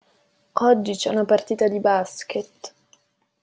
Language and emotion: Italian, sad